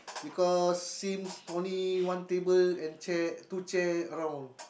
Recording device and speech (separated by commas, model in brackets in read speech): boundary microphone, conversation in the same room